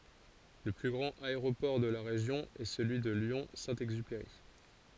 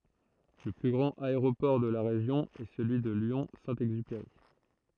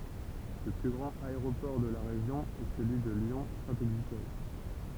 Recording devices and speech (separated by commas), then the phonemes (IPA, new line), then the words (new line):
forehead accelerometer, throat microphone, temple vibration pickup, read sentence
lə ply ɡʁɑ̃t aeʁopɔʁ də la ʁeʒjɔ̃ ɛ səlyi də ljɔ̃ sɛ̃ ɛɡzypeʁi
Le plus grand aéroport de la région est celui de Lyon Saint-Exupéry.